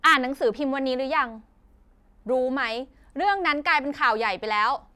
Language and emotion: Thai, angry